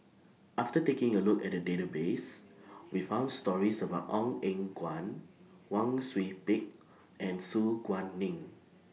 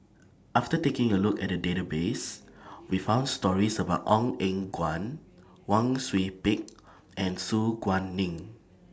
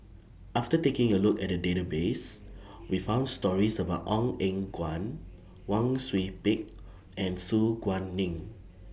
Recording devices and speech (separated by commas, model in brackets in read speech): mobile phone (iPhone 6), standing microphone (AKG C214), boundary microphone (BM630), read sentence